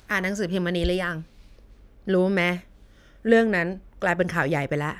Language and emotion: Thai, frustrated